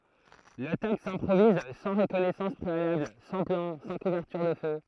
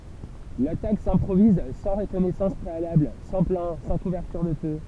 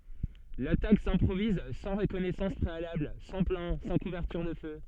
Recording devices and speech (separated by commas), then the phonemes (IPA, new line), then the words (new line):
throat microphone, temple vibration pickup, soft in-ear microphone, read sentence
latak sɛ̃pʁoviz sɑ̃ ʁəkɔnɛsɑ̃s pʁealabl sɑ̃ plɑ̃ sɑ̃ kuvɛʁtyʁ də fø
L'attaque s'improvise sans reconnaissance préalable, sans plan, sans couverture de feu.